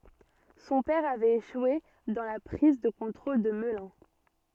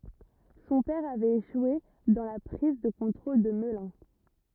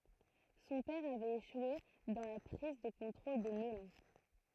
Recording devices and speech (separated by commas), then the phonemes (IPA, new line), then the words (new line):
soft in-ear microphone, rigid in-ear microphone, throat microphone, read sentence
sɔ̃ pɛʁ avɛt eʃwe dɑ̃ la pʁiz də kɔ̃tʁol də məlœ̃
Son père avait échoué dans la prise de contrôle de Melun.